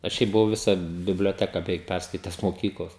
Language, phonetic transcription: Lithuanian, aš ˈšiaip buˈvau ˈvisą biblioˈteka beˈveik ˈpærskaites moˈkyklos

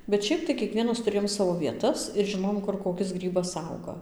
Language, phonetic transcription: Lithuanian, bet ˈšiaip tai kieˈkvienas tuˈrėjom ˈsavo vieˈtas ir žiˈnojom ˈkur koˈkis ˈgrybas ˈauga

